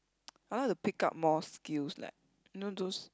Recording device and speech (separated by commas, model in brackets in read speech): close-talking microphone, conversation in the same room